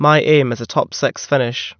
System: none